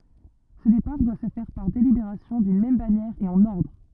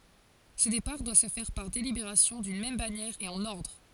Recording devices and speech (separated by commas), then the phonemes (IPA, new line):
rigid in-ear microphone, forehead accelerometer, read sentence
sə depaʁ dwa sə fɛʁ paʁ delibeʁasjɔ̃ dyn mɛm banjɛʁ e ɑ̃n ɔʁdʁ